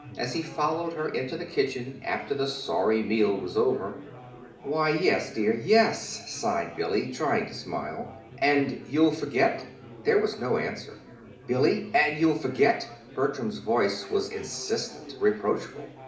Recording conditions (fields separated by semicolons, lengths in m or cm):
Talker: one person; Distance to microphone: 2.0 m; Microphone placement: close; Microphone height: 99 cm; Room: medium-sized (5.7 m by 4.0 m); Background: babble